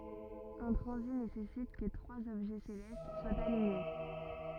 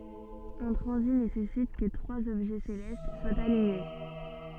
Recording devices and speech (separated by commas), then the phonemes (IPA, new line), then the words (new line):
rigid in-ear microphone, soft in-ear microphone, read sentence
œ̃ tʁɑ̃zit nesɛsit kə tʁwaz ɔbʒɛ selɛst swat aliɲe
Un transit nécessite que trois objets célestes soient alignés.